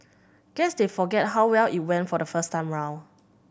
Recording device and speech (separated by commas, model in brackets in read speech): boundary microphone (BM630), read sentence